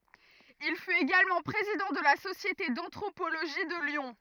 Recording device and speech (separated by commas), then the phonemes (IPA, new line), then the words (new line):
rigid in-ear microphone, read sentence
il fyt eɡalmɑ̃ pʁezidɑ̃ də la sosjete dɑ̃tʁopoloʒi də ljɔ̃
Il fut également président de la Société d'anthropologie de Lyon.